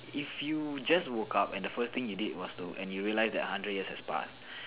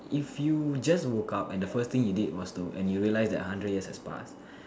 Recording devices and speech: telephone, standing microphone, conversation in separate rooms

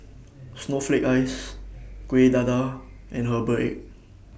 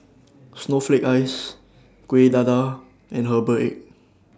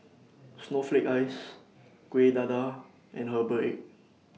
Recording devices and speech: boundary microphone (BM630), standing microphone (AKG C214), mobile phone (iPhone 6), read sentence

